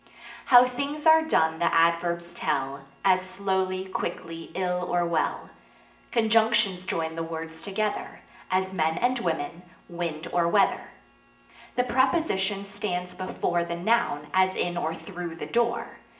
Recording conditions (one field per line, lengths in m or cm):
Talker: one person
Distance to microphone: 1.8 m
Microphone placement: close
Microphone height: 1.0 m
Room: large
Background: none